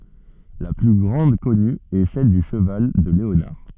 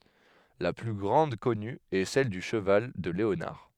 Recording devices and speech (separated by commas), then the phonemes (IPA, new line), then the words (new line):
soft in-ear microphone, headset microphone, read sentence
la ply ɡʁɑ̃d kɔny ɛ sɛl dy ʃəval də leonaʁ
La plus grande connue est celle du cheval de Léonard.